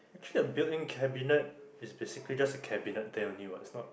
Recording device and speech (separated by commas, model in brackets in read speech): boundary microphone, conversation in the same room